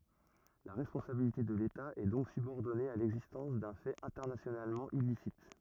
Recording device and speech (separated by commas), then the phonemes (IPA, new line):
rigid in-ear microphone, read sentence
la ʁɛspɔ̃sabilite də leta ɛ dɔ̃k sybɔʁdɔne a lɛɡzistɑ̃s dœ̃ fɛt ɛ̃tɛʁnasjonalmɑ̃ ilisit